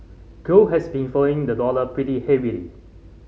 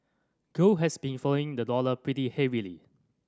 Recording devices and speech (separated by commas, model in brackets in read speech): mobile phone (Samsung C5010), standing microphone (AKG C214), read sentence